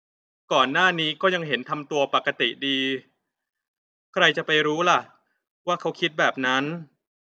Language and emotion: Thai, frustrated